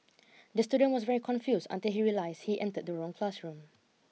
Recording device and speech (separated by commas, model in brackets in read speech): mobile phone (iPhone 6), read sentence